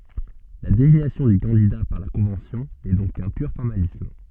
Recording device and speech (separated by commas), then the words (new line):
soft in-ear microphone, read sentence
La désignation du candidat par la Convention n'est donc qu'un pur formalisme.